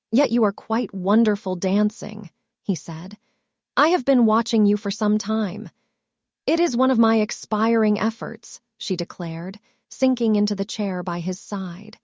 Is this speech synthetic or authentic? synthetic